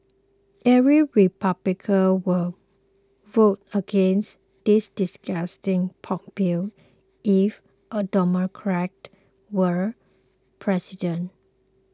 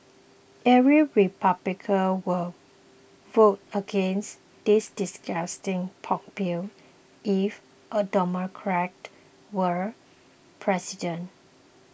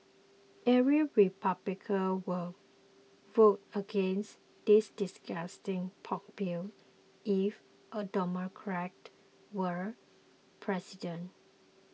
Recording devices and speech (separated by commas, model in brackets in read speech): close-talking microphone (WH20), boundary microphone (BM630), mobile phone (iPhone 6), read sentence